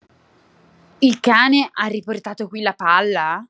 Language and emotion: Italian, surprised